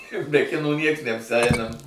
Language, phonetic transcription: Lithuanian, be ˈkinų ˈnieks neapsˈeinam

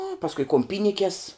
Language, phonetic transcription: Lithuanian, nu pasˈkui kum ˈpynikes

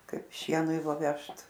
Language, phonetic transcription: Lithuanian, ˈkaip ˈšienui va ˈvežt

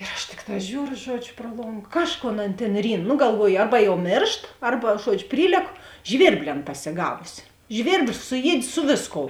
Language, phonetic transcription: Lithuanian, ir aš ˈtikˌtā ˈžiūru ˈžuodžiu pruo ˈlong ˈkažˌkon ˈan tėn ˈryn nu galˈvuoju ˈarba jau ˈmėršt ˈarba ˈžuodžiu ˈpryleku ˈžvirbli ˈan pasiˈgavusi ˈžvirbli suˈjied' ˈsu vėsˌkou

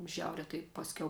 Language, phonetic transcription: Lithuanian, ˈžiauria tai ˈpasˌkiau

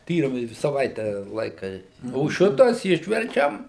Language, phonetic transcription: Lithuanian, ˈtyrimai saˈvaite ˈlaika o ˈšitas ˈišverčiam

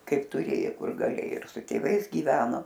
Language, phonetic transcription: Lithuanian, ˈkaip tuˈrėjo ˈkur gaˈlėo ir su tėˈvais gyˈveno

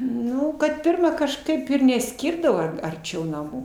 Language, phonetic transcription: Lithuanian, ˈnu kad ˈpirma kažˈkaip ir neˈskirdavo arˈčiau naˈmų

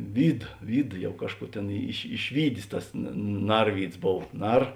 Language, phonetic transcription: Lithuanian, ˈvyd ˈvyd ˈjau ˈkažˌkų ˈtėn iš išˈvydės ˈtas na ˈnarvydsˈbov ˈnar

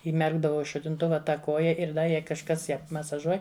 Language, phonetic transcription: Lithuanian, įˈmerkdavau i šutinˈtuva taˈ koja ir ˈda jei kažˈkas ˈją masaˈžuoj

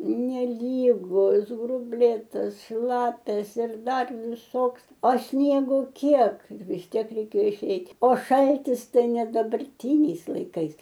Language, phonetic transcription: Lithuanian, neˈlygus grubˈlėtas ˈšlapias ir ˈdar viˈsoks o ˈsniego ˈkiek vis ˈtiek reiˈkėjo iˈšeit' o ˈšaltis ˈtai ne dabarˈtyniais laiˈkais

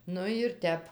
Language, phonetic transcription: Lithuanian, ˈnu jir ˈtep

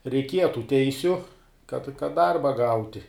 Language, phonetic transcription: Lithuanian, reikˈieja tų ˈteisiu kad kad ˈdarba ˈgauti

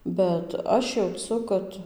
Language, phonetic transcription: Lithuanian, bet ˈaš jauˈcu ˈkad

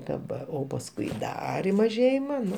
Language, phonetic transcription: Lithuanian, daˈbar o pasˈkui ˈdar i maˈžėjima ˈnu

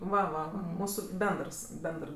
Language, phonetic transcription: Lithuanian, ˈva va ˈva ˈmūsu ˈbendrs ˈbendr

